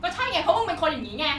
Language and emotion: Thai, angry